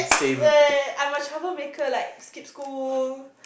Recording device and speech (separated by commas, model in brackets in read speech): boundary microphone, conversation in the same room